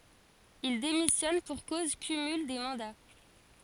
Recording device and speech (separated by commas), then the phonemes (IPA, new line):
forehead accelerometer, read sentence
il demisjɔn puʁ koz kymyl de mɑ̃da